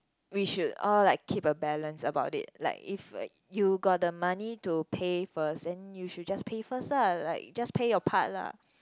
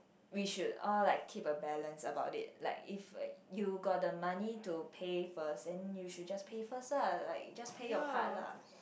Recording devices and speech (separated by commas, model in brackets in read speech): close-talking microphone, boundary microphone, conversation in the same room